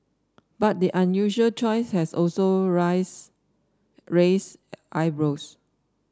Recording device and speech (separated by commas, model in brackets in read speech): standing microphone (AKG C214), read sentence